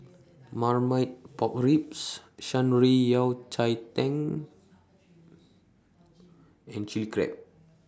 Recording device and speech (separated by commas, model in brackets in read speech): standing microphone (AKG C214), read sentence